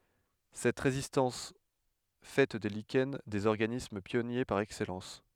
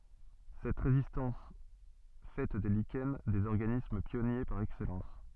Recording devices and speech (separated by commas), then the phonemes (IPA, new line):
headset microphone, soft in-ear microphone, read sentence
sɛt ʁezistɑ̃s fɛ de liʃɛn dez ɔʁɡanism pjɔnje paʁ ɛksɛlɑ̃s